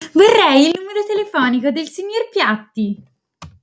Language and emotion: Italian, happy